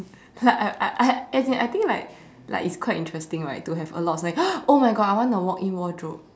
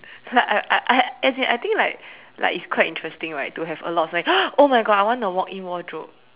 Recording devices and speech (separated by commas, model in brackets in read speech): standing microphone, telephone, conversation in separate rooms